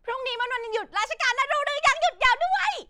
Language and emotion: Thai, happy